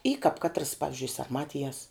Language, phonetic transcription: Lithuanian, y kap ˈkatras ˈpavizdžiui sarˈmatijas

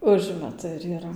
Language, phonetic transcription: Lithuanian, ˈužmetu ir yˈra

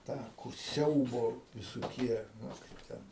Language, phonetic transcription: Lithuanian, ˈtą kur ˈsiaubo visoˈkie ˈnu kaip ˈten

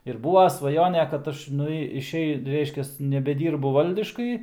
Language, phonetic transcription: Lithuanian, ir ˈbūva svaˈjone kad ˈaš ˈnu išˈei ˈreiškias nebeˈdyrbu ˈvaldiškai

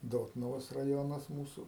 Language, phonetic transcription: Lithuanian, ˈdotnuvos raˈjonas ˈmūsu

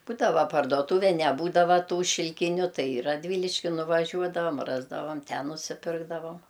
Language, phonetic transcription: Lithuanian, ˈbūdava parduoˈtūve neˈbūdava ˈtų šilˈkiniu ˈtai i radˈvyliški nuvaˈžiuodavam ˈrasdavam ˈten nusiˈpirkdavam

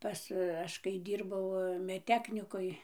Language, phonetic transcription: Lithuanian, ˈpas ˈaš kai ˈdyrbau medˈteknikoj

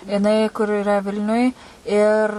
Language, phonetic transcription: Lithuanian, jiˈnai kur iˈra ˈvilniuj ir

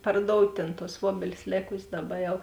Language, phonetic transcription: Lithuanian, parˈdout' tėn tuos ˈvuobelis ˈlėkusės ˈdaˌba ˈjau

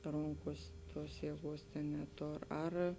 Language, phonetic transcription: Lithuanian, ˈronkuos ˈtuos jieˈguos tėn neˈtor ˈar

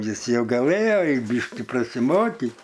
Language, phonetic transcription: Lithuanian, ˈjis ˈjau gaˈlɘjo i ˈbyški prasiˈmokyt

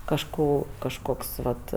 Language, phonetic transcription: Lithuanian, kažˈko kažˈkoks ˈvat

